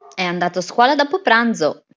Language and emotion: Italian, happy